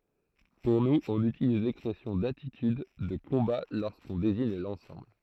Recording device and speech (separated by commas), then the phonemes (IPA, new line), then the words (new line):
throat microphone, read sentence
puʁ nuz ɔ̃n ytiliz lɛkspʁɛsjɔ̃ datityd də kɔ̃ba loʁskɔ̃ deziɲ lɑ̃sɑ̃bl
Pour nous, on utilise l’expression d’attitude de combat lorsqu’on désigne l’ensemble.